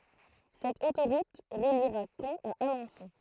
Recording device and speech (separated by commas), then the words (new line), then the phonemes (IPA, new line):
throat microphone, read sentence
Cette autoroute reliera Caen à Alençon.
sɛt otoʁut ʁəliʁa kɑ̃ a alɑ̃sɔ̃